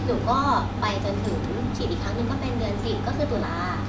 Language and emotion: Thai, neutral